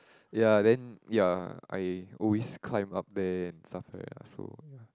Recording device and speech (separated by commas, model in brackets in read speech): close-talking microphone, conversation in the same room